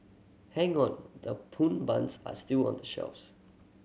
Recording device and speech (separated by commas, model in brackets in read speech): mobile phone (Samsung C7100), read sentence